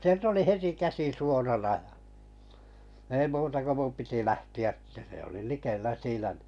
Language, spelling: Finnish, sieltä oli heti käsi suorana ja ei muuta kuin minun piti lähteä että se oli likellä siinä niin
- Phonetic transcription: 'sielt ‿oli "heti 'käsi suorana ʲa , ei 'muuta ko 'mum piti "lähti₍ä ‿ttä se oli 'likellä 'siinᴀ̈ ɴɪ .

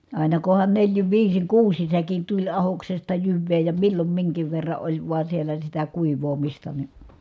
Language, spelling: Finnish, aina kunhan neljin viisin kuusin säkein tuli ahdoksesta jyvää ja milloin minkin verran oli vain siellä sitä kuivaamista niin
- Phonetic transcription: àina kohan neljin viisiŋ kuusin̬ säkin tuĺ ahoksesta jyvvee ja millom miŋkiv verra ʼoĺ voa siellä sitä kuiv̀oomista ni .

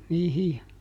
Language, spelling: Finnish, niihin ja
- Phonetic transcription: ˈniihij ja ,.

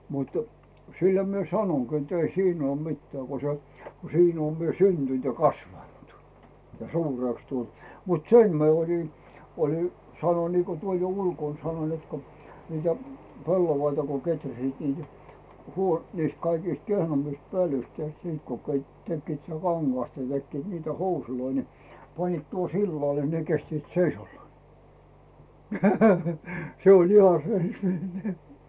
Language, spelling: Finnish, mutta sillä minä sanonkin että ei siinä olen mitään kun se kun siinä olen minä syntynyt ja kasvanut ja suureksi tullut mutta sen minä olin olin sanoin niin kuin tuolla jo ulkona sanoin että kun niitä pellavia kun kehräsivät niitä - niistä kaikista kehnoimmista pölyistä tehtiin sitten kun - tekivät sitä kangasta ne tekivät niitä housuja niin panivat tuohon sillalle ne kestivät seisaallaan se oli ihan -
- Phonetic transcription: mutᴜ , sillä mie "sanoŋGi ett ‿ei 'siin ‿oom 'mittᵉä̀ ko se , ko 'siin ‿oom mie "syntynt ja "kasvantᴜ , ja "suurèks 'tult , mut "sem mi̬e oĺi , oĺi , sano Niiko "tuol jo 'ulkòn 'sanoⁱn net ko , niitä "pellovaita ko 'keträsiit niitä , huo- , niist kaikiist 'kehnommist 'pölyst tehtii sit ko ket- , 'tekkiit sⁱtä "kaŋGasta nⁱ tekkiit niitä 'housuloi ni , 'panniit tuohᵒ "sillale ne 'kestiit "seisallaa , 'se oĺ iha 'sei- .

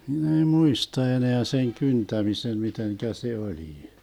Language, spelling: Finnish, minä ei muista enää sen kyntämisen miten se oli
- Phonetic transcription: 'hin ‿ei "muista 'eneä seŋ 'kyntämisen 'miteŋkä se 'olii .

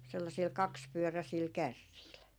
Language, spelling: Finnish, sellaisilla kaksipyöräisillä kärreillä
- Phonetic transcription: 'sellasiil "kakspyöräsiil 'kärriil .

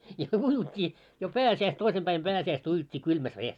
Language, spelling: Finnish, ja uitiin jo - toisen päin pääsiäistä uitiin kylmässä vedessä
- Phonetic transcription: ja ujut́t́ii , jo "pääsi₍äis- , 'toisem ʙäim 'pääsi₍äistä ujut́t́i 'kylmäs vees .

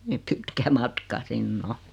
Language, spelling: Finnish, niin niin pitkä matka sinne on
- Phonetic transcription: nii , ni 'pitkä 'matka "sin"n ‿o .

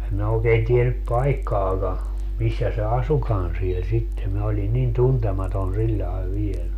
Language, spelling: Finnish, en minä oikein tiennyt paikkaakaan missä se asuikaan siellä sitten minä olin niin tuntematon sillä lailla vielä
- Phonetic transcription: em minä òekeen 'tienyp "paikkaaka , 'missä se "asukan siel sitte minä ‿oli 'nin "tuntematon siĺĺae 'viel .

